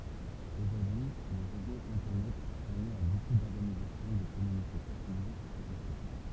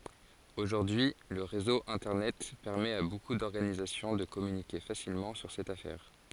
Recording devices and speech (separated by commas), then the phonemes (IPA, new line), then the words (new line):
temple vibration pickup, forehead accelerometer, read sentence
oʒuʁdyi lə ʁezo ɛ̃tɛʁnɛt pɛʁmɛt a boku dɔʁɡanizasjɔ̃ də kɔmynike fasilmɑ̃ syʁ sɛt afɛʁ
Aujourd'hui, le réseau internet permet à beaucoup d'organisations de communiquer facilement sur cette affaire.